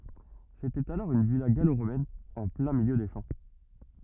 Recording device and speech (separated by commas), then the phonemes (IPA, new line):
rigid in-ear microphone, read sentence
setɛt alɔʁ yn vila ɡaloʁomɛn ɑ̃ plɛ̃ miljø de ʃɑ̃